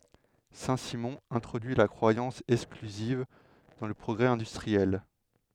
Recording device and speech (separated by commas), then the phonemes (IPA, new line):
headset microphone, read sentence
sɛ̃ simɔ̃ ɛ̃tʁodyi la kʁwajɑ̃s ɛksklyziv dɑ̃ lə pʁɔɡʁɛ ɛ̃dystʁiɛl